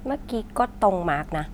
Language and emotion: Thai, frustrated